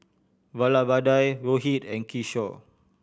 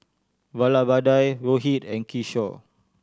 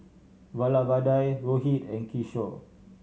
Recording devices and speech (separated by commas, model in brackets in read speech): boundary microphone (BM630), standing microphone (AKG C214), mobile phone (Samsung C7100), read sentence